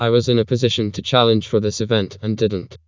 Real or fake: fake